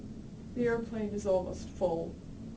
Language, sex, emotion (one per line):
English
female
sad